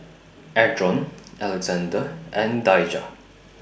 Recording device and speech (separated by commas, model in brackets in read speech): boundary microphone (BM630), read sentence